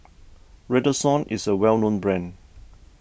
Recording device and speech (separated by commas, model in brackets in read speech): boundary microphone (BM630), read sentence